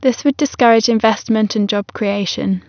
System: none